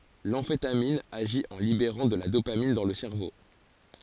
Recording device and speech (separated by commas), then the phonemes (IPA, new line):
forehead accelerometer, read sentence
lɑ̃fetamin aʒi ɑ̃ libeʁɑ̃ də la dopamin dɑ̃ lə sɛʁvo